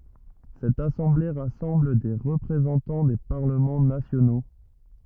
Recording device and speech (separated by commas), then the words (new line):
rigid in-ear microphone, read sentence
Cette assemblée rassemble des représentants des parlements nationaux.